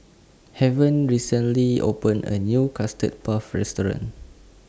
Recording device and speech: standing microphone (AKG C214), read sentence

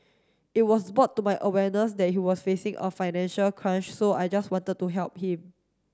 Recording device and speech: standing microphone (AKG C214), read sentence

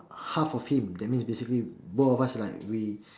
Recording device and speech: standing microphone, conversation in separate rooms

